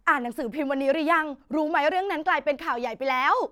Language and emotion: Thai, happy